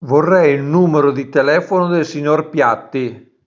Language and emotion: Italian, neutral